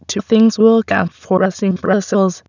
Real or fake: fake